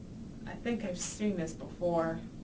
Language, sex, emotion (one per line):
English
female
neutral